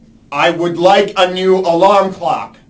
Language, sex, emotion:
English
male
angry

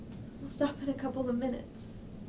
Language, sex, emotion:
English
female
sad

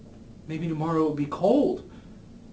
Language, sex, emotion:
English
male
fearful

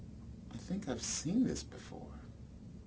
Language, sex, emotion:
English
male
neutral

